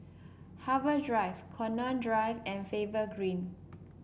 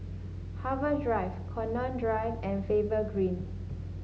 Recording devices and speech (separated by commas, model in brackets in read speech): boundary microphone (BM630), mobile phone (Samsung S8), read sentence